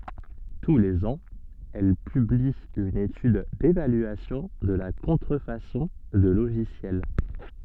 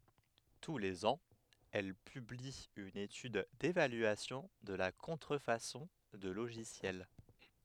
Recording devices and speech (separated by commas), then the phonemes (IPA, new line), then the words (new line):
soft in-ear microphone, headset microphone, read sentence
tu lez ɑ̃z ɛl pybli yn etyd devalyasjɔ̃ də la kɔ̃tʁəfasɔ̃ də loʒisjɛl
Tous les ans, elle publie une étude d'évaluation de la contrefaçon de logiciel.